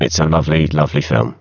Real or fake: fake